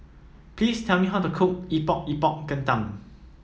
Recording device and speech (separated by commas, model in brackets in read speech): mobile phone (iPhone 7), read sentence